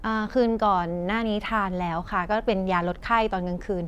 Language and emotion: Thai, neutral